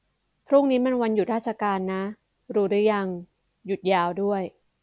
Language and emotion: Thai, neutral